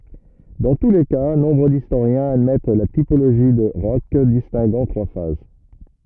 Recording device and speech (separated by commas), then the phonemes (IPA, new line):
rigid in-ear microphone, read sentence
dɑ̃ tu le ka nɔ̃bʁ distoʁjɛ̃z admɛt la tipoloʒi də ʁɔʃ distɛ̃ɡɑ̃ tʁwa faz